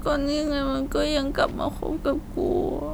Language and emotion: Thai, sad